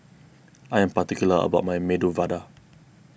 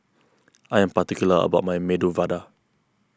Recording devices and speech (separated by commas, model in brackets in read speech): boundary microphone (BM630), close-talking microphone (WH20), read sentence